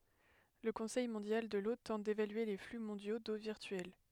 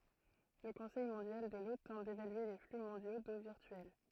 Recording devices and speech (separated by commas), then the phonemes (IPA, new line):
headset microphone, throat microphone, read sentence
lə kɔ̃sɛj mɔ̃djal də lo tɑ̃t devalye le fly mɔ̃djo do viʁtyɛl